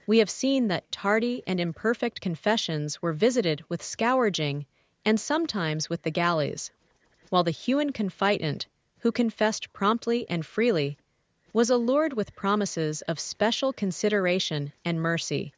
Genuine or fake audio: fake